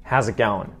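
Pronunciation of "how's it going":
The 'ing' at the end of 'going' is said as an un sound instead of an ing sound, as is typical in Australian English.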